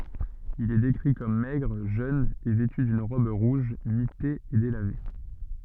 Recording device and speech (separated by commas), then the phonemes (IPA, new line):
soft in-ear microphone, read sentence
il ɛ dekʁi kɔm mɛɡʁ ʒøn e vɛty dyn ʁɔb ʁuʒ mite e delave